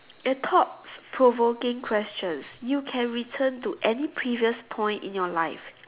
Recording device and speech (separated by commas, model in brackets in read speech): telephone, conversation in separate rooms